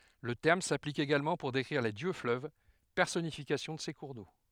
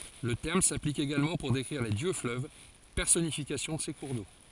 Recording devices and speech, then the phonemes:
headset microphone, forehead accelerometer, read sentence
lə tɛʁm saplik eɡalmɑ̃ puʁ dekʁiʁ le djøksfløv pɛʁsɔnifikasjɔ̃ də se kuʁ do

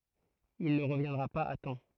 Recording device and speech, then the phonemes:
throat microphone, read sentence
il nə ʁəvjɛ̃dʁa paz a tɑ̃

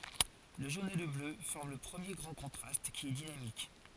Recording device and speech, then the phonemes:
forehead accelerometer, read sentence
lə ʒon e lə blø fɔʁm lə pʁəmje ɡʁɑ̃ kɔ̃tʁast ki ɛ dinamik

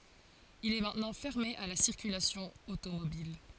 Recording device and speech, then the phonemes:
forehead accelerometer, read sentence
il ɛ mɛ̃tnɑ̃ fɛʁme a la siʁkylasjɔ̃ otomobil

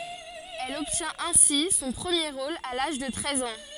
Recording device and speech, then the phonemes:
forehead accelerometer, read sentence
ɛl ɔbtjɛ̃t ɛ̃si sɔ̃ pʁəmje ʁol a laʒ də tʁɛz ɑ̃

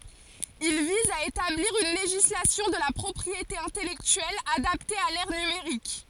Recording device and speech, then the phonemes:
forehead accelerometer, read sentence
il viz a etabliʁ yn leʒislasjɔ̃ də la pʁɔpʁiete ɛ̃tɛlɛktyɛl adapte a lɛʁ nymeʁik

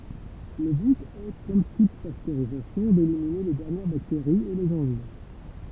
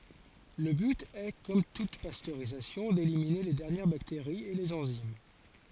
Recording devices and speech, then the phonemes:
temple vibration pickup, forehead accelerometer, read sentence
lə byt ɛ kɔm tut pastøʁizasjɔ̃ delimine le dɛʁnjɛʁ bakteʁiz e lez ɑ̃zim

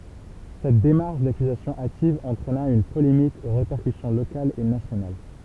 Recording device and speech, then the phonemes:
temple vibration pickup, read sentence
sɛt demaʁʃ dakyzasjɔ̃ ativ ɑ̃tʁɛna yn polemik o ʁepɛʁkysjɔ̃ lokalz e nasjonal

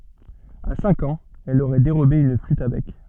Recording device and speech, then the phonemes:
soft in-ear microphone, read sentence
a sɛ̃k ɑ̃z ɛl oʁɛ deʁobe yn flyt a bɛk

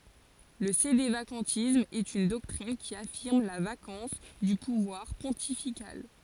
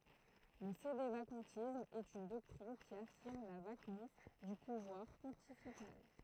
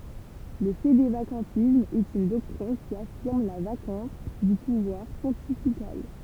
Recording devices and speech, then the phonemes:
forehead accelerometer, throat microphone, temple vibration pickup, read sentence
lə sedevakɑ̃tism ɛt yn dɔktʁin ki afiʁm la vakɑ̃s dy puvwaʁ pɔ̃tifikal

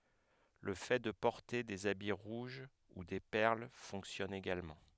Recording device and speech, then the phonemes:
headset microphone, read sentence
lə fɛ də pɔʁte dez abi ʁuʒ u de pɛʁl fɔ̃ksjɔn eɡalmɑ̃

